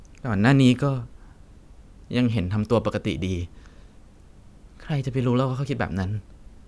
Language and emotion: Thai, sad